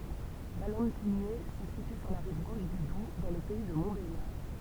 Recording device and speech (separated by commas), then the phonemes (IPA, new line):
temple vibration pickup, read sentence
valɑ̃tiɲɛ sə sity syʁ la ʁiv ɡoʃ dy dub dɑ̃ lə pɛi də mɔ̃tbeljaʁ